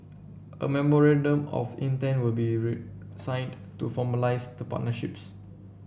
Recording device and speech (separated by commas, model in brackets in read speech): boundary microphone (BM630), read sentence